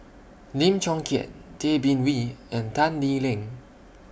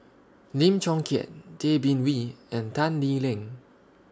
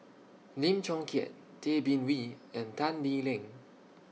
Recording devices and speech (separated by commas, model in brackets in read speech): boundary microphone (BM630), standing microphone (AKG C214), mobile phone (iPhone 6), read sentence